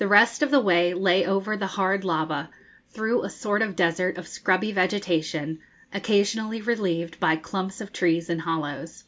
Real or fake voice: real